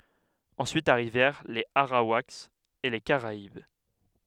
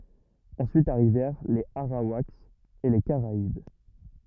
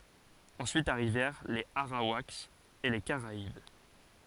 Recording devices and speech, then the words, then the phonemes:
headset microphone, rigid in-ear microphone, forehead accelerometer, read sentence
Ensuite arrivèrent les Arawaks et les Caraïbes.
ɑ̃syit aʁivɛʁ lez aʁawakz e le kaʁaib

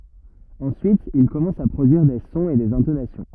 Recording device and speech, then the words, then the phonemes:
rigid in-ear microphone, read sentence
Ensuite, il commence à produire des sons et des intonations.
ɑ̃syit il kɔmɑ̃s a pʁodyiʁ de sɔ̃z e dez ɛ̃tonasjɔ̃

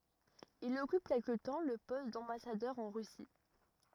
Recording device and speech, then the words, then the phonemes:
rigid in-ear microphone, read sentence
Il occupe quelque temps le poste d'ambassadeur en Russie.
il ɔkyp kɛlkə tɑ̃ lə pɔst dɑ̃basadœʁ ɑ̃ ʁysi

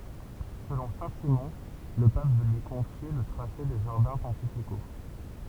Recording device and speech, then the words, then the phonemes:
temple vibration pickup, read sentence
Selon Saint-Simon, le pape veut lui confier le tracé des jardins pontificaux.
səlɔ̃ sɛ̃tsimɔ̃ lə pap vø lyi kɔ̃fje lə tʁase de ʒaʁdɛ̃ pɔ̃tifiko

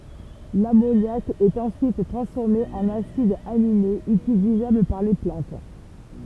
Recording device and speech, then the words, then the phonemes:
temple vibration pickup, read sentence
L'ammoniac est ensuite transformé en acides aminés utilisables par les plantes.
lamonjak ɛt ɑ̃syit tʁɑ̃sfɔʁme ɑ̃n asidz aminez ytilizabl paʁ le plɑ̃t

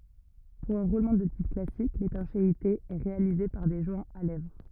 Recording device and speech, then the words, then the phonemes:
rigid in-ear microphone, read sentence
Pour un roulement de type classique, l'étanchéité est réalisée par des joints à lèvres.
puʁ œ̃ ʁulmɑ̃ də tip klasik letɑ̃ʃeite ɛ ʁealize paʁ de ʒwɛ̃z a lɛvʁ

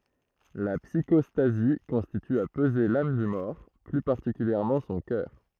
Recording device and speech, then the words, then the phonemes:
throat microphone, read sentence
La psychostasie consiste à peser l'âme du mort, plus particulièrement son cœur.
la psikɔstazi kɔ̃sist a pəze lam dy mɔʁ ply paʁtikyljɛʁmɑ̃ sɔ̃ kœʁ

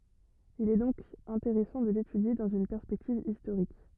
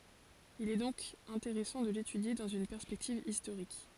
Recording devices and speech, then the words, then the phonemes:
rigid in-ear microphone, forehead accelerometer, read sentence
Il est donc intéressant de l’étudier dans une perspective historique.
il ɛ dɔ̃k ɛ̃teʁɛsɑ̃ də letydje dɑ̃z yn pɛʁspɛktiv istoʁik

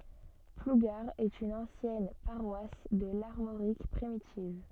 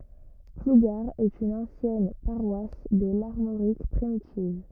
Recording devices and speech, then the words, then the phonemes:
soft in-ear microphone, rigid in-ear microphone, read sentence
Plougar est une ancienne paroisse de l'Armorique primitive.
pluɡaʁ ɛt yn ɑ̃sjɛn paʁwas də laʁmoʁik pʁimitiv

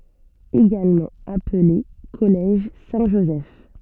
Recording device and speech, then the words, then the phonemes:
soft in-ear microphone, read sentence
Également appelé Collège Saint-Joseph.
eɡalmɑ̃ aple kɔlɛʒ sɛ̃tʒozɛf

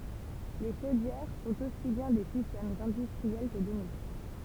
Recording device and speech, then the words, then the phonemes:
temple vibration pickup, read sentence
Les chaudières sont aussi bien des systèmes industriels que domestiques.
le ʃodjɛʁ sɔ̃t osi bjɛ̃ de sistɛmz ɛ̃dystʁiɛl kə domɛstik

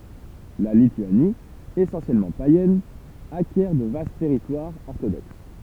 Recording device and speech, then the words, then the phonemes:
temple vibration pickup, read sentence
La Lituanie, essentiellement païenne, acquiert de vastes territoires orthodoxes.
la lityani esɑ̃sjɛlmɑ̃ pajɛn akjɛʁ də vast tɛʁitwaʁz ɔʁtodoks

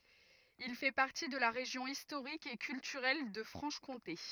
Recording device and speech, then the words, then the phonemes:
rigid in-ear microphone, read sentence
Il fait partie de la région historique et culturelle de Franche-Comté.
il fɛ paʁti də la ʁeʒjɔ̃ istoʁik e kyltyʁɛl də fʁɑ̃ʃ kɔ̃te

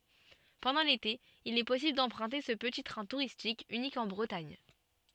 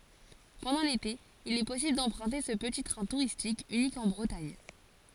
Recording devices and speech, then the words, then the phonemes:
soft in-ear microphone, forehead accelerometer, read sentence
Pendant l'été, il est possible d'emprunter ce petit train touristique unique en Bretagne.
pɑ̃dɑ̃ lete il ɛ pɔsibl dɑ̃pʁœ̃te sə pəti tʁɛ̃ tuʁistik ynik ɑ̃ bʁətaɲ

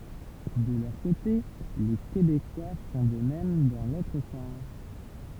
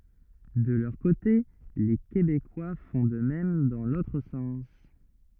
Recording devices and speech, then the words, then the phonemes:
temple vibration pickup, rigid in-ear microphone, read sentence
De leur côté les Québécois font de même dans l’autre sens.
də lœʁ kote le kebekwa fɔ̃ də mɛm dɑ̃ lotʁ sɑ̃s

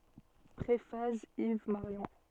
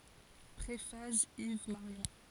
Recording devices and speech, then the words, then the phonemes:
soft in-ear microphone, forehead accelerometer, read sentence
Préface Yves Marion.
pʁefas iv maʁjɔ̃

